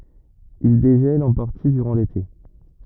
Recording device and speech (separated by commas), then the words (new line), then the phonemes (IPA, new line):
rigid in-ear microphone, read sentence
Ils dégèlent en partie durant l'été.
il deʒɛlt ɑ̃ paʁti dyʁɑ̃ lete